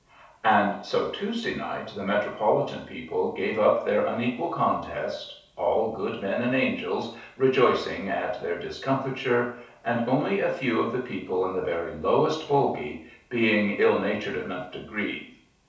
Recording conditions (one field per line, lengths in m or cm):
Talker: one person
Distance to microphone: 3.0 m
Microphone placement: far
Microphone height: 1.8 m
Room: small (3.7 m by 2.7 m)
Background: none